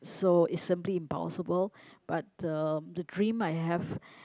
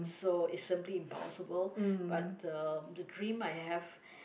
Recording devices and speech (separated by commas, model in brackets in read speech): close-talking microphone, boundary microphone, conversation in the same room